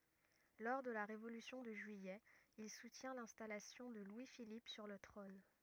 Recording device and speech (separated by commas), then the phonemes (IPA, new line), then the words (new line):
rigid in-ear microphone, read sentence
lɔʁ də la ʁevolysjɔ̃ də ʒyijɛ il sutjɛ̃ lɛ̃stalasjɔ̃ də lwi filip syʁ lə tʁɔ̃n
Lors de la Révolution de juillet, il soutient l'installation de Louis-Philippe sur le trône.